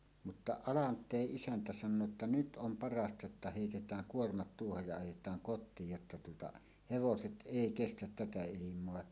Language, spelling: Finnish, mutta Alanteen isäntä sanoo että nyt on parasta jotta heitetään kuormat tuohon ja ajetaan kotiin jotta tuota hevoset ei kestä tätä ilmaa
- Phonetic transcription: mutta "Alant̀éˀ 'ˀisäntä san̆noo ‿tta » "nyt 'ˀom "parasta jotta 'hèitet̀ääŋ "kuormat 'tuohoj ja ajet̀aaŋ 'kot̆tiij jotta tuota , "hevoset "ˀèi "kestät 'tätä 'ilim̀oa « .

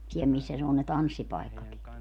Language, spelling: Finnish, siellä missä ne on ne tanssipaikatkin
- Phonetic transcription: 'siɛl missä ne on ne "tanssipai̮kkaki .

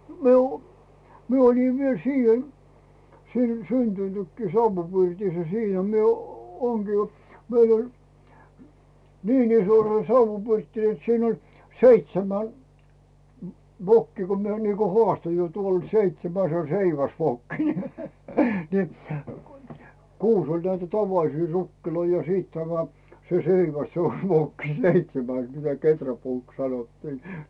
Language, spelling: Finnish, minä olin minä oli vielä siihen siinä syntynytkin savupirtissä siinä minä - olenkin meillä oli niin iso se savupirtti että siinä oli seitsemän vokkia kun minä niin kuin haastoin jo tuolla seitsemäs se oli seiväsvokki niin niin kuusi oli näitä tavallisia rukkeja ja sitten tämä se seiväs se on vokki seitsemäs mitä kehräpuuksi sanottiin
- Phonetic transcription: 'mi ‿o , 'mie ‿oĺi viel 'siihen , siin 'syntynykkii 'sauvupirtissä 'siinä mie oo- ŋGii , 'meil ‿oĺ , "niin ‿iso se 'sauvvupirtti net 'siin ‿oĺ 'seitsemän , 'vokkii ko mie niiko "hoàsto jo tuol "seitsemäs se o 'seiväsvokki ne , ni , "kuus oĺ näitä 'tavalisii 'rukkiloi ja 'siit tämä , se "seiväs se o 'vokki "seitsemäs mitä 'keträpuuks sanottii .

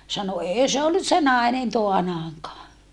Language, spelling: Finnish, sanoi ei se ollut se nainen taanaankaan
- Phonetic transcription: » sano » ee se ollus se nàenen toanaaŋkaa .

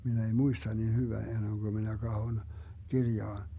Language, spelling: Finnish, minä ei muista niin hyvä ennen kuin minä katson kirjaan
- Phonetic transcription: 'min ‿ei "muista niin hyvä 'enneŋGö minä 'kahon , 'kirjaan .

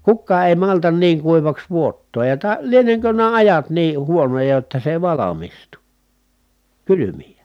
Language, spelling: Finnish, kukaan ei malta niin kuivaksi vuottaa ja - lienenkö nämä ajat niin huonoja jotta se ei valmistu kylmiä
- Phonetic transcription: kukkaa èi maltan niiŋ kuivaks vuottooj ja ta- , lieneŋkö nää ajat niih huonoja jotta se ᵉⁱ valamistu , kylymijä .

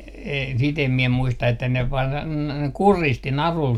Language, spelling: Finnish, - sitä en minä muista että ne - kuristi narulla
- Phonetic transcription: e - sit ‿em mie 'muista että ne var- , "kuristi 'narul .

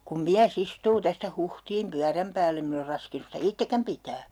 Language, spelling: Finnish, kun mies istuu tästä Huhtiin pyörän päällä en minä ole raskinut sitä itsekään pitää
- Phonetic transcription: kum 'miä's ‿istuu "tästä 'Huhtiim 'pyäräm pääl'l ‿em min ‿or 'raskinus sitä "ittekäm pitää » .

